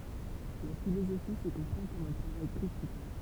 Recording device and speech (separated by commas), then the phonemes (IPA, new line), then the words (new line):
temple vibration pickup, read sentence
la filozofi sə kɔ̃pʁɑ̃ kɔm œ̃ tʁavaj kʁitik
La philosophie se comprend comme un travail critique.